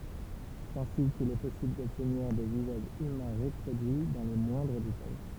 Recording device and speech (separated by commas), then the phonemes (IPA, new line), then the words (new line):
temple vibration pickup, read sentence
sɛt ɛ̃si kil ɛ pɔsibl dɔbtniʁ de vizaʒz ymɛ̃ ʁəpʁodyi dɑ̃ le mwɛ̃dʁ detaj
C'est ainsi qu'il est possible d'obtenir des visages humains reproduits dans les moindres détails.